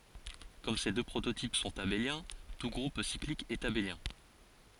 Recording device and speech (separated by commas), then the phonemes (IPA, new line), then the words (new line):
forehead accelerometer, read sentence
kɔm se dø pʁototip sɔ̃t abeljɛ̃ tu ɡʁup siklik ɛt abeljɛ̃
Comme ces deux prototypes sont abéliens, tout groupe cyclique est abélien.